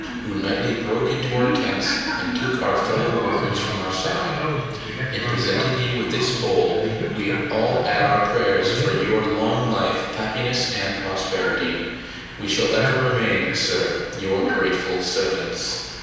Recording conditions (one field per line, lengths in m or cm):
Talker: one person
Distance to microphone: 7.1 m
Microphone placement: far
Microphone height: 1.7 m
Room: very reverberant, large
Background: television